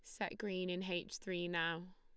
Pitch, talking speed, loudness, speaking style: 185 Hz, 205 wpm, -41 LUFS, Lombard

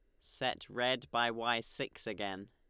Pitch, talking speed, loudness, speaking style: 120 Hz, 155 wpm, -36 LUFS, Lombard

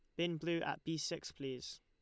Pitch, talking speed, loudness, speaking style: 165 Hz, 225 wpm, -41 LUFS, Lombard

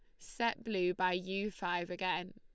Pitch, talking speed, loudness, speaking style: 185 Hz, 170 wpm, -36 LUFS, Lombard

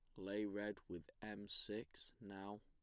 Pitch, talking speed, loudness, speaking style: 100 Hz, 150 wpm, -49 LUFS, plain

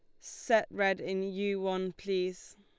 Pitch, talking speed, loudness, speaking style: 195 Hz, 150 wpm, -32 LUFS, Lombard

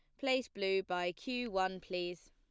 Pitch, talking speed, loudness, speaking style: 190 Hz, 170 wpm, -37 LUFS, plain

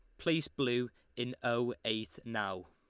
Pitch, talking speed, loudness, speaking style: 120 Hz, 145 wpm, -36 LUFS, Lombard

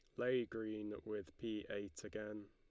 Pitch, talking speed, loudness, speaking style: 105 Hz, 155 wpm, -45 LUFS, Lombard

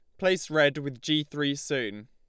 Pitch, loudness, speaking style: 145 Hz, -27 LUFS, Lombard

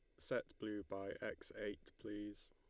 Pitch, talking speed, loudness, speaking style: 105 Hz, 155 wpm, -48 LUFS, Lombard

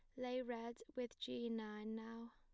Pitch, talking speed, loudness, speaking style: 235 Hz, 170 wpm, -47 LUFS, plain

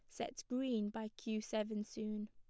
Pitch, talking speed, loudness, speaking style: 215 Hz, 170 wpm, -42 LUFS, plain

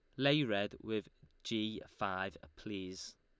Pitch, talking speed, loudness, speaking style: 100 Hz, 120 wpm, -38 LUFS, Lombard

